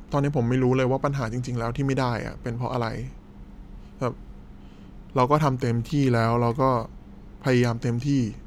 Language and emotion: Thai, sad